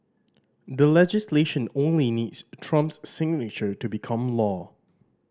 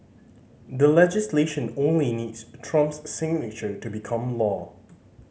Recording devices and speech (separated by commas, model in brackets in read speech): standing microphone (AKG C214), mobile phone (Samsung C5010), read sentence